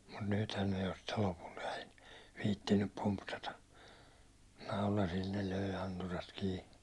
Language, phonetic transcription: Finnish, mut 'nythän ne jo sitte 'lopult ‿ɛi , 'viittinnyp pumpsata , 'naulasil ne 'lö̀i̬ anturat 'kii .
- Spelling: mutta nythän ne jo sitten lopulta ei viitsinyt pumpsata naulasilla ne löi anturat kiinni

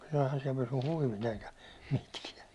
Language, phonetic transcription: Finnish, ɛihän siɛl pysy 'huivit eikä , mitkiɛ .
- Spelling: eihän siellä pysyi huivit eikä mitkään

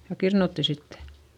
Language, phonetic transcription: Finnish, ja kirnutti sittE .
- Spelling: ja kirnuttiin sitten

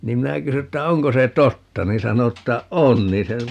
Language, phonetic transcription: Finnish, 'niim 'minä 'kysy 'että » 'oŋko se "totta » niin 'sano ‿ttä » "on » nii se ,.
- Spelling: niin minä kysyin että onko se totta niin sanoi että on niin se

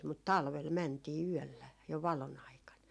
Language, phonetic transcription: Finnish, mut "talvel 'mäntii "yɔ̈̀llä jo , 'valon ‿aikan .
- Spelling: mutta talvella mentiin yöllä jo valon aikana

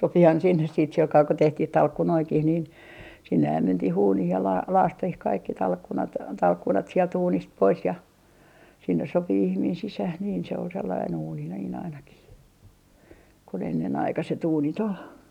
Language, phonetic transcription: Finnish, 'sopihan 'sinnes siit 'silkaa ko 'tehtih "talkkunoikih nin , sinnehäm 'mentih 'uunih ja laa - "laastih 'kaikki 'talkkunat , 'talkkunat sielt 'uunist 'pois ja , sinnes sopi 'ihmiin 'sisäh niin se ol sellain ‿uuni niin ‿ainakih kun ennenaikaset 'uunit ‿ol .
- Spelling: sopihan sinne sitten sillä kalella kun tehtiin talkkunoitakin niin sinnehän mentiin uuniin ja - lakaistiin kaikki talkkunat talkkunat sieltä uunista pois ja sinne sopi ihminen sisään niin se oli sellainen uuni niin ainakin kun ennenaikaiset uunit oli

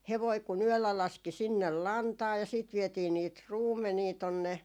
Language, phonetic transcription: Finnish, 'hevoi ku'n ‿yöllä 'laski sinnel "lantaa ja siit 'vietii niit "ruummenii tonne ,.
- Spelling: hevonen kun yöllä laski sinne lantaa ja sitten vietiin niitä ruumenia tuonne

